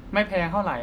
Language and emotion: Thai, neutral